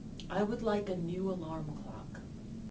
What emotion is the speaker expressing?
neutral